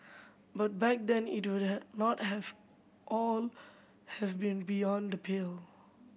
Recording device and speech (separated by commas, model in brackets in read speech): boundary microphone (BM630), read sentence